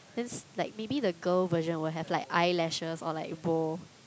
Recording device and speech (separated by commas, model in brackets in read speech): close-talking microphone, conversation in the same room